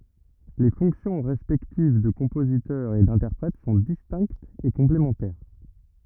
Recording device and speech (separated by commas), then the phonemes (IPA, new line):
rigid in-ear microphone, read sentence
le fɔ̃ksjɔ̃ ʁɛspɛktiv də kɔ̃pozitœʁ e dɛ̃tɛʁpʁɛt sɔ̃ distɛ̃ktz e kɔ̃plemɑ̃tɛʁ